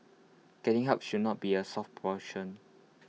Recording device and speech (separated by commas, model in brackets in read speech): mobile phone (iPhone 6), read sentence